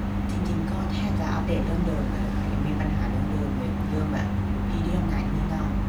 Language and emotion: Thai, frustrated